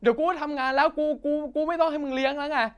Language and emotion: Thai, angry